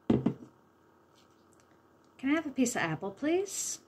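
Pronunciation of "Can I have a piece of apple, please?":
The sentence is said the way a native English speaker would say it, at normal speed rather than slowly, with the schwa sound in 'a piece of apple'.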